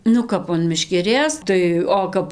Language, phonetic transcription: Lithuanian, nu ˈkap an meškeˈrės tai ˈo kap

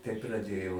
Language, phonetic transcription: Lithuanian, tai praˈdėjau

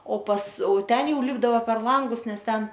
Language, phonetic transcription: Lithuanian, o pas o ˈten ˈjau ˈlipdavo per ˈlangus ˈnes ˈten

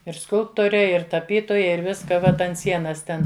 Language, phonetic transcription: Lithuanian, ir ˈskulptore ir taˈpytoja ir ˈviska ˈvat ant ˈsienas ˈten

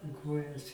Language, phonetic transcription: Lithuanian, i ˈkojas

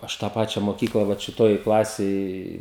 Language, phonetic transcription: Lithuanian, ˈaš tą ˈpačia moˈkykla vat šiˈtoj ˈklasėj

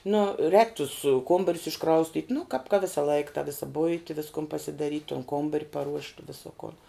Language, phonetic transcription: Lithuanian, nu rēk tus ˈkombarius išˈkraustyt' nu kāp ka ˈvisalaik ta ˈvisa ˈbuiti ˈviskun pasidaˈryt' tun ˈkombar' paˈruošt' ˈviso kon

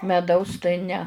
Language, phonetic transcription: Lithuanian, meˈdaus tai ne

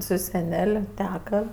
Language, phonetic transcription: Lithuanian, su seˈnel' ˈteka

